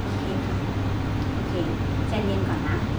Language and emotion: Thai, neutral